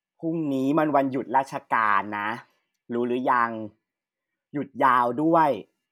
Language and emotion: Thai, frustrated